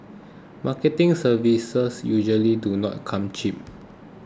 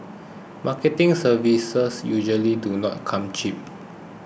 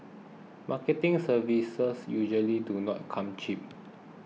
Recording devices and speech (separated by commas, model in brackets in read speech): close-talking microphone (WH20), boundary microphone (BM630), mobile phone (iPhone 6), read sentence